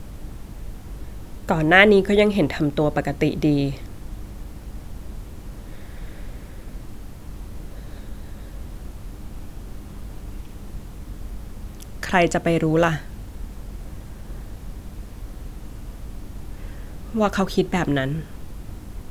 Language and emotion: Thai, sad